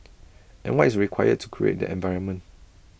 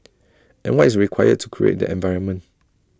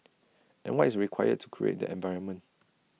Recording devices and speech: boundary microphone (BM630), standing microphone (AKG C214), mobile phone (iPhone 6), read sentence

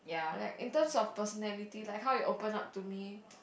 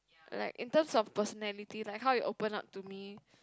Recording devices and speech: boundary microphone, close-talking microphone, conversation in the same room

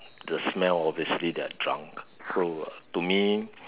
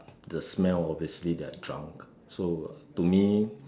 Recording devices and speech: telephone, standing microphone, conversation in separate rooms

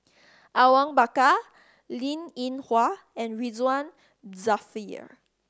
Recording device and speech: standing microphone (AKG C214), read sentence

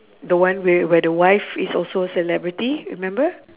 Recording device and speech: telephone, conversation in separate rooms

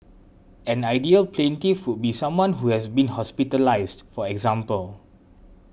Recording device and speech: boundary microphone (BM630), read sentence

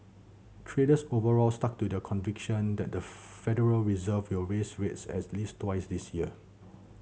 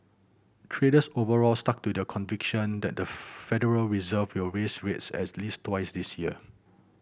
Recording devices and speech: mobile phone (Samsung C7100), boundary microphone (BM630), read sentence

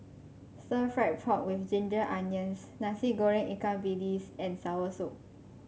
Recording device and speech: mobile phone (Samsung C5), read sentence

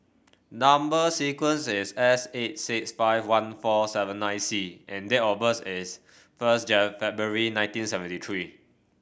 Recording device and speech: boundary microphone (BM630), read sentence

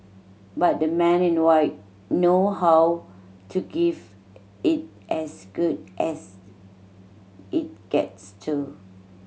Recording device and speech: mobile phone (Samsung C7100), read sentence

